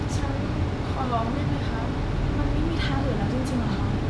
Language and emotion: Thai, frustrated